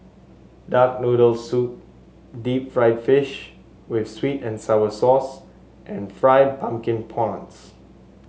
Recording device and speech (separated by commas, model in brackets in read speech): mobile phone (Samsung S8), read sentence